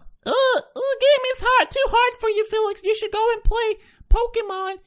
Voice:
mocking voice